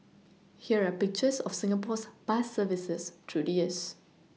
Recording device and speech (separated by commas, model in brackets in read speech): mobile phone (iPhone 6), read sentence